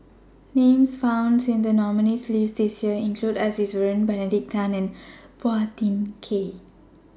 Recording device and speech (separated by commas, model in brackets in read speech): standing microphone (AKG C214), read sentence